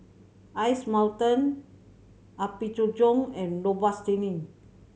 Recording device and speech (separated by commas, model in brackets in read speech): mobile phone (Samsung C7100), read sentence